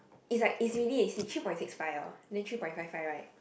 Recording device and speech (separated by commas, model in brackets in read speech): boundary microphone, conversation in the same room